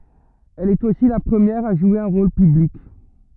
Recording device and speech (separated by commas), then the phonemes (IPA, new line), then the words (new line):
rigid in-ear microphone, read sentence
ɛl ɛt osi la pʁəmjɛʁ a ʒwe œ̃ ʁol pyblik
Elle est aussi la première à jouer un rôle public.